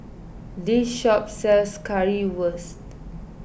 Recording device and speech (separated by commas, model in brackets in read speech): boundary microphone (BM630), read sentence